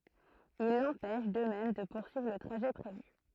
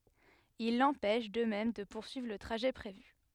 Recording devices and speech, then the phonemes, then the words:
throat microphone, headset microphone, read sentence
il lɑ̃pɛʃ də mɛm də puʁsyivʁ lə tʁaʒɛ pʁevy
Il l'empêche, de même, de poursuivre le trajet prévu.

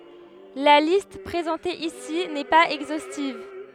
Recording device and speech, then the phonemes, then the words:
headset microphone, read sentence
la list pʁezɑ̃te isi nɛ paz ɛɡzostiv
La liste présentée ici n'est pas exhaustive.

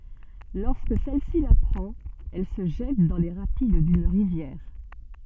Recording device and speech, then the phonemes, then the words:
soft in-ear microphone, read sentence
lɔʁskə sɛl si lapʁɑ̃t ɛl sə ʒɛt dɑ̃ le ʁapid dyn ʁivjɛʁ
Lorsque celle-ci l'apprend, elle se jette dans les rapides d'une rivière.

